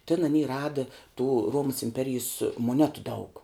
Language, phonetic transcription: Lithuanian, tin aˈny ˈradɨ tų ˈruomas imˈperijės moˈnetu daug

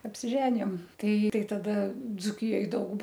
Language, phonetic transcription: Lithuanian, apsiˈženijom ˈtai ˈtai taˈda dzūˈkijoj ˈdaug

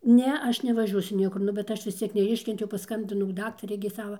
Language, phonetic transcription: Lithuanian, ˈne ˈaš nevaˈžiuosiu ˈniekur ˈnu bet ˈaš vis ˈciek neˈiškentiau paˈskambinau ˈdaktarei gi ˈsava

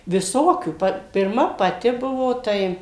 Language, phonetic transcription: Lithuanian, viˈsokių ˈpa pirˈma paˈti ˈbuvo ˈtai

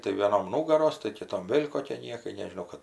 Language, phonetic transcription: Lithuanian, tai vėˈnom ˈnūgaros tai kiˈtom ˈvėl' koˈkie ˈniekai nežiˈnau kad

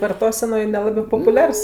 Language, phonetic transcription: Lithuanian, varˈtosenoj ˈnelabɜ popuˈliars

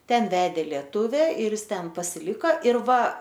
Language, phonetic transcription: Lithuanian, ˈten ˈvedė lieˈtuve ir ˈjis ˈten pasiˈlika ir ˈva

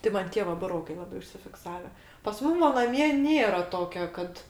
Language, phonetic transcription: Lithuanian, tai ˈman ˈtie va buˈrokai laˈbai užsifikˈsave pas ˈmum va naˈmie ˈnėra ˈtokio ˈkad

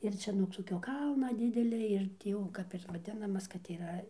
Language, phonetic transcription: Lithuanian, ir ˈčia nuog toˈkio ˈkalna ˈdidelia ir tį ˈjau ˈkap ir vaˈdinamas kad yˈra

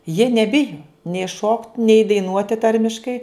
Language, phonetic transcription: Lithuanian, jie neˈbijo nei šokt' nei daiˈnuoti ˈtarmiškai

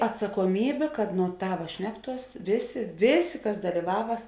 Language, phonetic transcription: Lithuanian, atsakoˈmybė kad nuo ˈtava ˈšnekˌtuos ˈvėˌsė ˈvėˌsė ˈkas daliˈvava

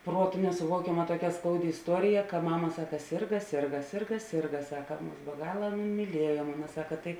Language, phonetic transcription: Lithuanian, ˈpruotu nesuˈvuokiama tuoˈkia ˈskaudi isˈtuorija ka ˈmama ˈsaka ˈsirga ˈsirga ˈsirga ˈsirga ˈsaka ˈmus be ˈgala ˈana myˈliejo ˈmama ˈsaka ˈtai

